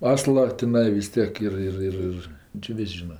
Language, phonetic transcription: Lithuanian, ˈasla tiˈnai vis ˈtiek ˈir ˈir ˈir ˈir či ˈvis' ˈžyna

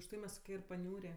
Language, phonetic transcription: Lithuanian, užˈtai mes ir paˈniūrė

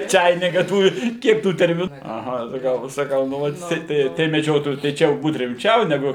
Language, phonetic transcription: Lithuanian, ˈčainika ˈtų ˈkiek ˈtų termiˈnų aˈha saˈkau saˈkau nu ˈvat jiˈsai tai tai meˈdžiotojų tai ˈčia jau ˈbūt rimˈčiau neˈgu

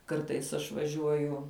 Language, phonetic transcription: Lithuanian, ˈkartais aš vaˈžiuoju

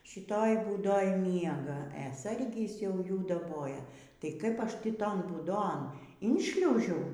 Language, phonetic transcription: Lithuanian, šiˈtoj būˈdoj ˈmiega e ˈsargis jau ˈjų daˈboja tai ˈkaip ˈaš ˈtį ˈton būˈdon inˈšliaužiau

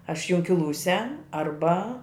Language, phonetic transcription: Lithuanian, aš junkiˈlūse arˈba

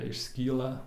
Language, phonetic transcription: Lithuanian, išˈskyla

